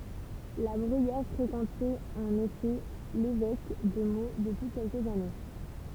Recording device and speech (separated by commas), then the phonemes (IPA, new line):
temple vibration pickup, read sentence
la bʁyijɛʁ fʁekɑ̃tɛt ɑ̃n efɛ levɛk də mo dəpyi kɛlkəz ane